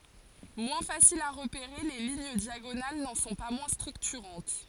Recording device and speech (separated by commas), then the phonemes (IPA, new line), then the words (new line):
forehead accelerometer, read sentence
mwɛ̃ fasilz a ʁəpeʁe le liɲ djaɡonal nɑ̃ sɔ̃ pa mwɛ̃ stʁyktyʁɑ̃t
Moins faciles à repérer, les lignes diagonales n’en sont pas moins structurantes.